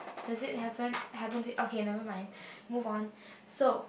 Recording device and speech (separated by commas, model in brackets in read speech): boundary microphone, conversation in the same room